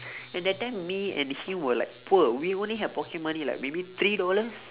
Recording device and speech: telephone, conversation in separate rooms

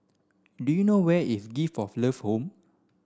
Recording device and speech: standing microphone (AKG C214), read sentence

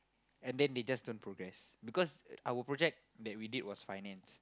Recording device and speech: close-talking microphone, conversation in the same room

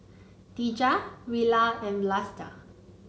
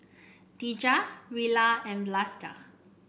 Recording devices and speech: mobile phone (Samsung C9), boundary microphone (BM630), read sentence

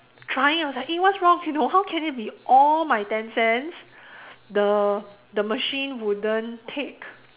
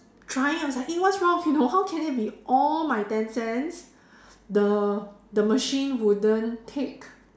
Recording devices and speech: telephone, standing microphone, conversation in separate rooms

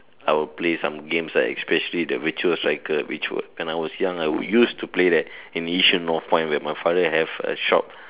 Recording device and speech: telephone, conversation in separate rooms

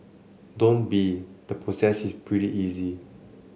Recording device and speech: mobile phone (Samsung C7), read sentence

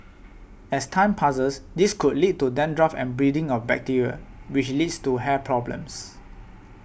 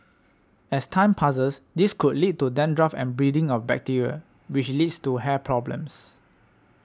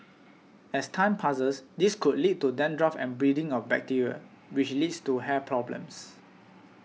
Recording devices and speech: boundary microphone (BM630), standing microphone (AKG C214), mobile phone (iPhone 6), read sentence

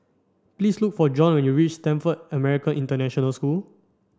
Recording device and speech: standing microphone (AKG C214), read sentence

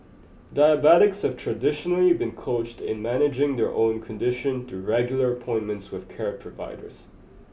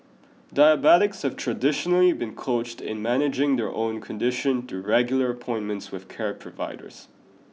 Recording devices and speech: boundary microphone (BM630), mobile phone (iPhone 6), read sentence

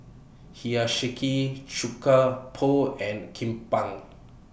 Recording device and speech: boundary microphone (BM630), read sentence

